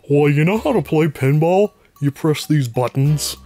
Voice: goofy voice